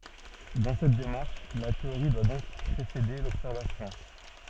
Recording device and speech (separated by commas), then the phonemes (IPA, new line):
soft in-ear microphone, read sentence
dɑ̃ sɛt demaʁʃ la teoʁi dwa dɔ̃k pʁesede lɔbsɛʁvasjɔ̃